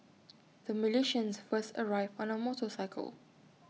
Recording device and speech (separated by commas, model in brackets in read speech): mobile phone (iPhone 6), read sentence